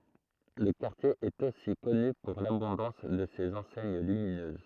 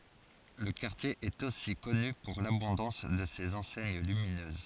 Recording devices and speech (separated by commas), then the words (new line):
throat microphone, forehead accelerometer, read sentence
Le quartier est aussi connu pour l'abondance de ses enseignes lumineuses.